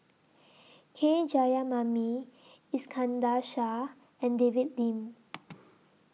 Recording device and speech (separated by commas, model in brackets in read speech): mobile phone (iPhone 6), read sentence